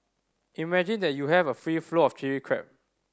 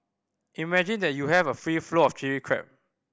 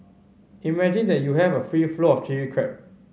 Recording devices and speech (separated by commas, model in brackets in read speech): standing microphone (AKG C214), boundary microphone (BM630), mobile phone (Samsung C5010), read sentence